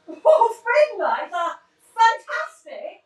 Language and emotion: English, surprised